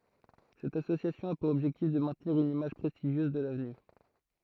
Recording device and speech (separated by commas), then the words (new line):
throat microphone, read sentence
Cette association a pour objectif de maintenir une image prestigieuse de l'avenue.